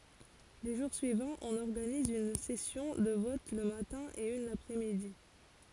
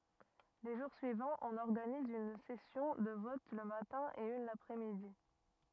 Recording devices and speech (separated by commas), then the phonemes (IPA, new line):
forehead accelerometer, rigid in-ear microphone, read sentence
le ʒuʁ syivɑ̃z ɔ̃n ɔʁɡaniz yn sɛsjɔ̃ də vɔt lə matɛ̃ e yn lapʁɛsmidi